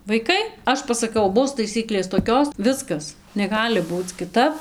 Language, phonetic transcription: Lithuanian, vaiˈkai ˈaš pasaˈkau ˈbus taiˈsyklės toˈkios ˈviskas neˈgali ˈbūc kiˈtap

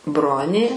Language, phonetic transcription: Lithuanian, ˈbronė

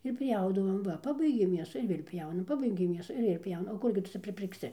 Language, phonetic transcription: Lithuanian, ir ˈpjaudavom ˈva ˈpabaigėm mėsu ir ˈvėl' ˈpjaunam ˈpabaigėm ˈmėsu ir ˈvėl'ˈpjauna o ˈkurgi tu ˈcia pripirkˈsi

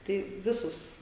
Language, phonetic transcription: Lithuanian, tai ˈvisus

